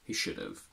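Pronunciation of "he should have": In 'he should have', 'have' at the end is said in its weak form, not its strong form.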